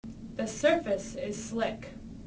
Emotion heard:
neutral